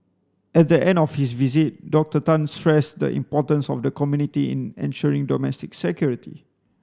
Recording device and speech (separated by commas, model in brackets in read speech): standing microphone (AKG C214), read sentence